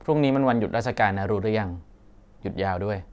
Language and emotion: Thai, neutral